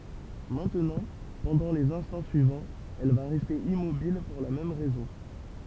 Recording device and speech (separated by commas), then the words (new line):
temple vibration pickup, read sentence
Maintenant, pendant les instants suivants, elle va rester immobile pour la même raison.